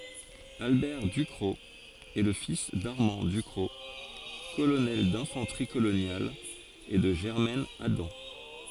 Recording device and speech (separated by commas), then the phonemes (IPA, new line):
forehead accelerometer, read sentence
albɛʁ dykʁɔk ɛ lə fis daʁmɑ̃ dykʁɔk kolonɛl dɛ̃fɑ̃tʁi kolonjal e də ʒɛʁmɛn adɑ̃